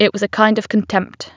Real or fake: real